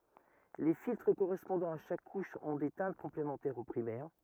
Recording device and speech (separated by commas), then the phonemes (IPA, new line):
rigid in-ear microphone, read sentence
le filtʁ koʁɛspɔ̃dɑ̃z a ʃak kuʃ ɔ̃ de tɛ̃t kɔ̃plemɑ̃tɛʁz o pʁimɛʁ